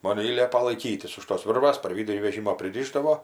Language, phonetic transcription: Lithuanian, ˈmon i ˈliepa laiˈkytis už tos ˈvirvas par ˈvydurį veˈžymo priˈryšdavo

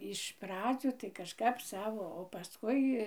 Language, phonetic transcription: Lithuanian, iš ˈpradzių tai kažˈkap ˈsavo o paˈskui

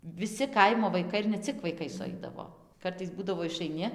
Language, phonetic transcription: Lithuanian, viˈsi ˈkaimo vaiˈkai ir ne ˈcik vaiˈkai suˈaidavo ˈkartais ˈbūdavo išaiˈni

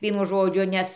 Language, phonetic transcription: Lithuanian, ˈvienu ˈžodžiu ˈnes

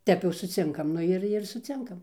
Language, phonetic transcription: Lithuanian, ˈtep jau suˈcinkam ˈnu ir ir suˈcinkam

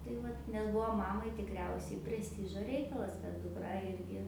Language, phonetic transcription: Lithuanian, tai ˈvat nes ˈbuo ˈmamai tikˈriausiai presˈtižo ˈreikalas kad duˈkra ˈirgi

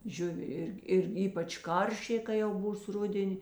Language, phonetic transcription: Lithuanian, ˈžiuvi ˈirgi ir ˈypač ˈkaršė kai jau ˈbūs ˈrudeni

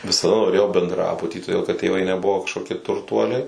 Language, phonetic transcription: Lithuanian, visaˈda noˈrėjau bendˈrabuty todėl kad tėˈvai neˈbuvo kažkoˈkie turˈtuoliai

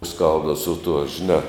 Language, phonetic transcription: Lithuanian, ˈskalbdav su tuo žiˈnā

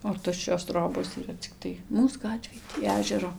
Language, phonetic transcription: Lithuanian, o ˈtuščios ˈtrobos yˈra cikˈtai ˈmūs ˈgatvėj tį ˈežero

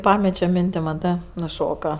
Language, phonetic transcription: Lithuanian, ˈpamečio ˈminti maˈtɜ nuˈšoka

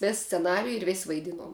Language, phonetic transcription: Lithuanian, ˈvės sceˈnariju ir vės' vaiˈdinuom

